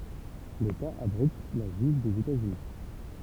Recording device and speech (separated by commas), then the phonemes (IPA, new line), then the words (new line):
temple vibration pickup, read sentence
leta abʁit la ʒyiv dez etaz yni
L'État abrite la juive des États-Unis.